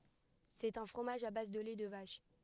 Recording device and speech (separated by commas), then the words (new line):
headset microphone, read sentence
C'est un fromage à base de lait de vache.